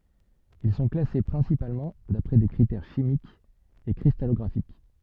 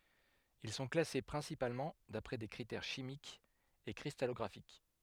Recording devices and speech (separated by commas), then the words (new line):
soft in-ear microphone, headset microphone, read sentence
Ils sont classés principalement d'après des critères chimiques et cristallographiques.